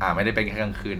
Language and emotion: Thai, neutral